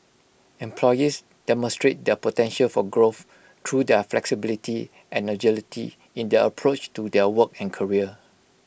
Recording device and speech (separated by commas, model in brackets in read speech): boundary microphone (BM630), read sentence